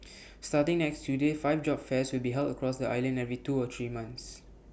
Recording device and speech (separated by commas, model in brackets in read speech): boundary microphone (BM630), read sentence